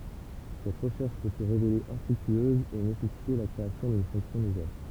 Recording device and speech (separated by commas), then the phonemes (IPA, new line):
temple vibration pickup, read sentence
sɛt ʁəʃɛʁʃ pø sə ʁevele ɛ̃fʁyktyøz e nesɛsite la kʁeasjɔ̃ dyn fɔ̃ksjɔ̃ nuvɛl